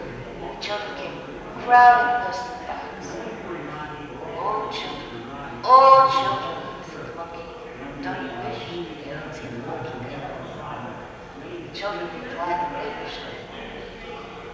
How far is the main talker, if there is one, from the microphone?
1.7 m.